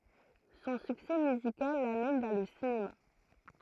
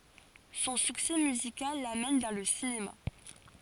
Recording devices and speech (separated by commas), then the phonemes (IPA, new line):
throat microphone, forehead accelerometer, read sentence
sɔ̃ syksɛ myzikal lamɛn vɛʁ lə sinema